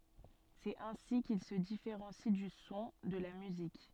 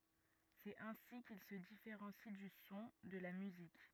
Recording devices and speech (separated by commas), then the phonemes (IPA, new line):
soft in-ear microphone, rigid in-ear microphone, read sentence
sɛt ɛ̃si kil sə difeʁɑ̃si dy sɔ̃ də la myzik